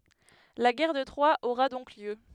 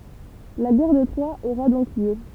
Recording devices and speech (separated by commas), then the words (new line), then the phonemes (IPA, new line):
headset microphone, temple vibration pickup, read sentence
La guerre de Troie aura donc lieu.
la ɡɛʁ də tʁwa oʁa dɔ̃k ljø